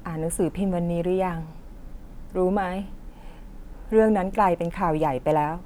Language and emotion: Thai, sad